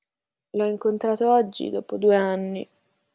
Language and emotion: Italian, sad